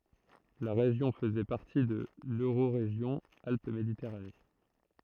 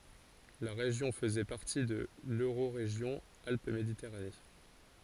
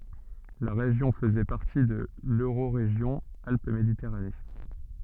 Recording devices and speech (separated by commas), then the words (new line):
throat microphone, forehead accelerometer, soft in-ear microphone, read sentence
La région faisait partie de l'Eurorégion Alpes-Méditerranée.